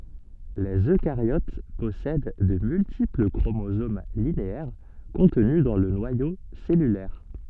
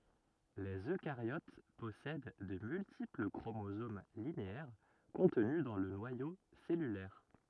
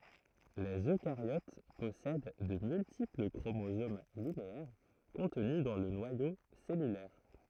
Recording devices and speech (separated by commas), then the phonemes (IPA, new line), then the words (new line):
soft in-ear microphone, rigid in-ear microphone, throat microphone, read sentence
lez økaʁjot pɔsɛd də myltipl kʁomozom lineɛʁ kɔ̃tny dɑ̃ lə nwajo sɛlylɛʁ
Les eucaryotes possèdent de multiples chromosomes linéaires contenus dans le noyau cellulaire.